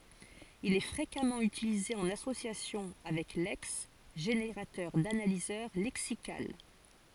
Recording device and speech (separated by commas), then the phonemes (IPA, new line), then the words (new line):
forehead accelerometer, read sentence
il ɛ fʁekamɑ̃ ytilize ɑ̃n asosjasjɔ̃ avɛk lɛks ʒeneʁatœʁ danalizœʁ lɛksikal
Il est fréquemment utilisé en association avec Lex, générateur d'analyseur lexical.